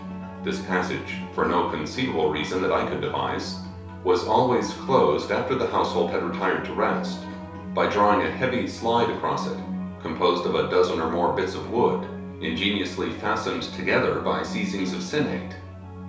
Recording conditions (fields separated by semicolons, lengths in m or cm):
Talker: one person; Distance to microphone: 3.0 m; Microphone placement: far; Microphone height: 1.8 m; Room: small (3.7 m by 2.7 m); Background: music